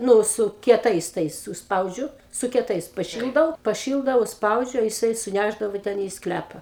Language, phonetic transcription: Lithuanian, ˈnu su kieˈtais ˈtais užsˈpaudžiu su kieˈtais paˈšildau paˈšildau užsˈpaudžiu jiˈsai suˈnæšdavo ˈten į ˈsklæpa

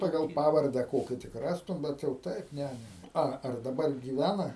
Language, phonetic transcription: Lithuanian, ˈpagal ˈpavarde ˈkoki tik ˈrastum ˈbet jau ˈtaip ˈne ne ne ˈa ar daˈbar gyˈvæna

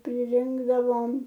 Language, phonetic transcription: Lithuanian, priˈrinkdavom

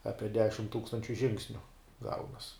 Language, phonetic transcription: Lithuanian, ˈapie ˈdešim ˈtūkstančiu ˈžingsniu ˈgaunas

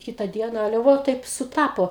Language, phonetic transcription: Lithuanian, ˈkita ˈdiena ˈale ˈvo ˈtaip suˈtapo

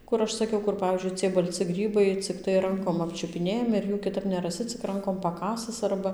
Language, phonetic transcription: Lithuanian, ˈkur ˈaš saˈkiau ˈkur ˈpavyzdžiui ciej balˈci ˈgrybai cikˈtai ˈrankom ˌapčiupiˈnėjami ir ˈjų kiˈtap neraˈsi cik ˈrankom paˈkasɨs ˈarba

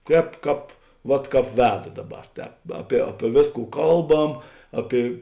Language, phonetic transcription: Lithuanian, ˈtēp ˈkāp vat ˈkāp ˈvedu ˈdaˌbar ˈtēp ˈapie ˈapie ˈvėsˌkų ˈkalˌbam ˈapie

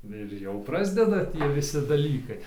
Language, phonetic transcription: Lithuanian, ir ˈjau ˈprasdeda ˈtie viˈsi daˈlykai

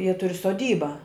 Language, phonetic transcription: Lithuanian, jie ˈturi soˈdyba

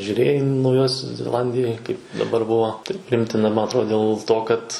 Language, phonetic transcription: Lithuanian, žiūˈrėjai nauˈjosios zeˈlandijoj kaip daˈbar ˈbuo tai priˈimtina ˈman atˈrod dėl ˈto kad

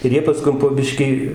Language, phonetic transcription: Lithuanian, ir ˈjie paˈskum po ˈbiškį

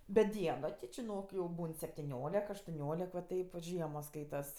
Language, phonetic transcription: Lithuanian, bet ˈdieno ti čiˈnok jau ˈbūn septiˈniolek aštuˈniolek va ˈtaip vat ˈžiemos ˈskaitas

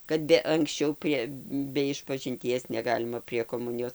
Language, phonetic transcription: Lithuanian, kad ˈbe anksˈčiau ˈprie be išpažinˈties neˈgalima prie koˈmunijos

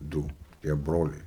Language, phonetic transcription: Lithuanian, ˈdū tie ˈbroliai

